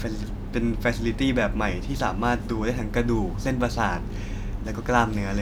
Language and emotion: Thai, neutral